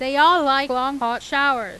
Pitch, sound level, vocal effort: 270 Hz, 99 dB SPL, very loud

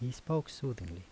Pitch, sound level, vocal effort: 125 Hz, 76 dB SPL, soft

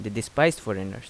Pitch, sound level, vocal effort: 110 Hz, 83 dB SPL, normal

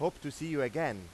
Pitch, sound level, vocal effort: 150 Hz, 96 dB SPL, loud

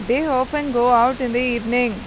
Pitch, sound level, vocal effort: 245 Hz, 92 dB SPL, loud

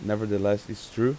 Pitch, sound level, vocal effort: 105 Hz, 87 dB SPL, normal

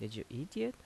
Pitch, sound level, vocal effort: 135 Hz, 78 dB SPL, soft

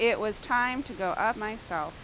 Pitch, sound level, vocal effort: 225 Hz, 90 dB SPL, very loud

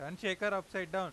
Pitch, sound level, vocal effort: 190 Hz, 98 dB SPL, loud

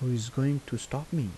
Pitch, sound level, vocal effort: 135 Hz, 78 dB SPL, soft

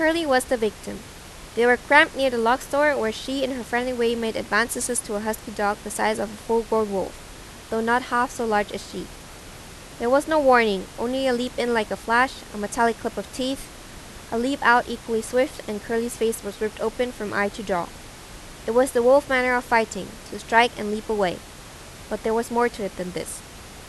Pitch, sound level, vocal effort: 230 Hz, 88 dB SPL, loud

